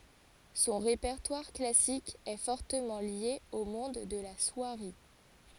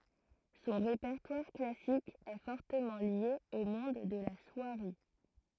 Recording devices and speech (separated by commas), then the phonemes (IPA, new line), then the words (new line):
forehead accelerometer, throat microphone, read sentence
sɔ̃ ʁepɛʁtwaʁ klasik ɛ fɔʁtəmɑ̃ lje o mɔ̃d də la swaʁi
Son répertoire classique est fortement lié au monde de la soierie.